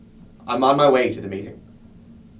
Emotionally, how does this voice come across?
neutral